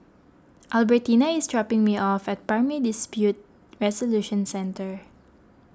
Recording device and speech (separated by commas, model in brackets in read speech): close-talking microphone (WH20), read sentence